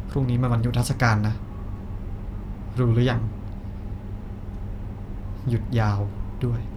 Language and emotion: Thai, sad